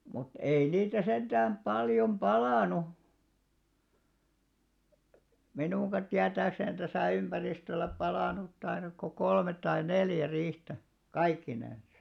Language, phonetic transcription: Finnish, mut 'ei niitä 'senᴅääm 'ʙaljom "ʙalànu , 'minùŋɢa tiätääksèn täsä̀ 'ymʙäristöl̆lä 'palànut 'tairak ko 'kolmet̆ tai "neljä 'riihtä , "kaikkinensᴀ .
- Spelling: mutta ei niitä sentään paljon palanut minunkaan tietääkseni tässä ympäristöllä palanut taida kuin kolme tai neljä riihtä kaikkinensa

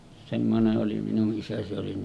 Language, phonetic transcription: Finnish, semmone’ ’oli minu’ ’isä se oli ,.
- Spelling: semmoinen oli minun isä se oli

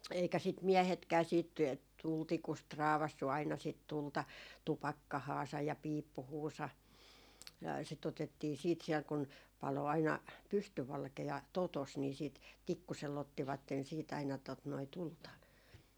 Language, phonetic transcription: Finnish, eikä sit "miɛhetkää siit , "tultikust 'raavassu aina sit 'tulta , "tupakkahaasaj ja "piippuhuusa , sit otettii siit siɛl kun , 'palo 'aina , 'pystyvalke₍a "totos ni sìt 'tikkusel'l ‿ottivatten siit ‿aina tot noi "tulta .
- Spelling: eikä sitä miehetkään sitten tulitikusta raapaissut aina sitä tulta tupakkaansa ja piippuunsa sitä otettiin sitten siellä kun paloi aina pystyvalkea totossa niin sitten tikkusella ottivat siitä aina tuota noin tulta

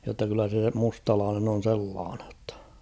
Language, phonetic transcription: Finnish, jotta kyllä se 'mustalaanen on 'sellaanᵊ ‿ttᴀ .
- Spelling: jotta kyllä se mustalainen on sellainen että

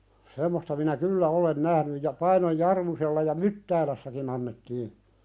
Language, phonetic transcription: Finnish, 'semmosta minä "kyllä 'olen "nähnyj ja 'Painoj "Jarmusella ja "Myttäälässäkin ‿annettii ,.
- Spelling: semmoista minä kyllä olen nähnyt ja Painon Jarmusella ja Myttäälässäkin annettiin

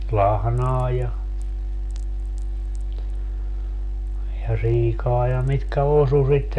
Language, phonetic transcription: Finnish, 'lahnaa ja , ja 'siikaa ja mitkä 'osu sitten .
- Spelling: lahnaa ja ja siikaa ja mitkä osui sitten

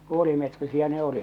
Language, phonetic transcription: Finnish, 'puolimetrisiä 'ne 'olit .
- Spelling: puolimetrisiä ne olivat

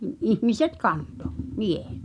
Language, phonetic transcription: Finnish, ihmiset 'kanto , "miehᴇt .
- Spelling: ihmiset kantoi miehet

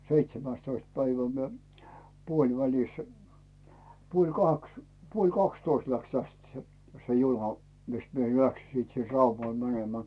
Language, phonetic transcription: Finnish, 'seitsemä̀stoist 'päivä 'mie , 'puoĺvälis , 'puoĺ "kaks , 'puoĺ "kakstoist läks täst 'se , se "juna , mis mie 'läksi sit sin "Raumal 'mänemää .
- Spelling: seitsemästoista päivä minä puolivälissä puoli kaksi puoli kaksitoista lähti tästä se se juna missä minä lähdin sitten sinne Raumalle menemään

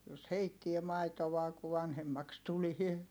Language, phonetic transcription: Finnish, jos heittie maitovaa ku vanhemmaks tulie .
- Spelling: jos heittää maitoa kun vanhemmaksi tulee

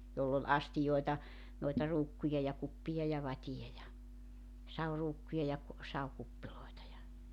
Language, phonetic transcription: Finnish, 'joll ‿ol 'astijoeta , noita 'ruukkuja ja 'kuppija ja 'vatiʲa ja , 'sauruukkuja ja ku- , 'saukuppilòeta ja ,.
- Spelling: jolla oli astioita noita ruukkuja ja kuppeja ja vateja ja saviruukkuja ja - savikuppeja ja

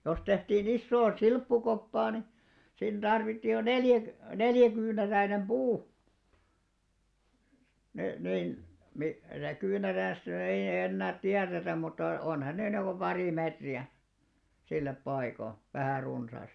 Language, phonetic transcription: Finnish, jos 'tehtii'n ‿issoo "silppukoppaa ni , siin 'ᴅarvittì jo "neljä- , "neljäkyynäräinem 'ʙuu , ni , nin , mi- , ja 'kyynärä̀stä ny ei ei'ʲ ‿ennäät "tiäretäm mutta , 'onhan ne niiko 'parì 'mètri₍ä , 'sillep 'paiko , vähä̀ 'runsàst .
- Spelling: jos tehtiin isoa silppukoppaa niin siinä tarvittiin jo - neljäkyynäräinen puu niin niin - ja kyynärästä nyt ei ei enää tiedetä mutta onhan ne niin kuin pari metriä sille paikoin vähän runsaasti

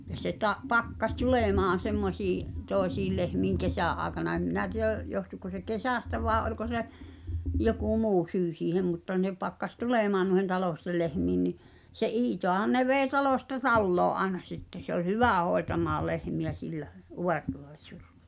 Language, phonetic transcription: Finnish, ja se ta- , 'pakkaś "tulèmaan̬ 'semmosii’ , "tòesiil 'lehmiiŋ "kesä̀’ ’aaᵉkana em 'minä ti₍ä̀ , johtuko se "kesä̀stä vàe ’oĺko se , 'joku "muu 'syy 'siihem mutta 'ne pakkas "tulèmaan nuĭhen 'talòstel lehmiin ni , se "’Iitoahan ne 'vèi̬ 'talòsta "talloo’ ’aena sitte , se ‿ol "hyvä̀ 'hoetamaa 'lehmi₍ä 'sillä , '’uvartuleh(tᴜsk-) ,.
- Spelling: ja se - pakkasi tulemaan semmoisiin toisiin lehmiin kesän aikana en minä tiedä johtuiko se kesästä vai oliko se joku muu syy siihen mutta ne pakkasi tulemaan noiden talollisten lehmiin niin se Iitaahan ne vei talosta taloon aina sitten se oli hyvä hoitamaan lehmiä sillä -

